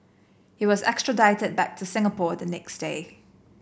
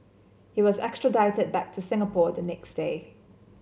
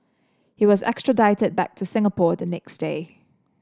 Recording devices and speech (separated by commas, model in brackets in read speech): boundary microphone (BM630), mobile phone (Samsung C7), standing microphone (AKG C214), read sentence